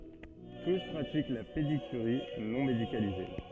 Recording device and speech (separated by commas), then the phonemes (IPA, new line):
soft in-ear microphone, read sentence
tus pʁatik la pedikyʁi nɔ̃ medikalize